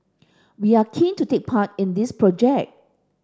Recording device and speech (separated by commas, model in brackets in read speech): standing microphone (AKG C214), read sentence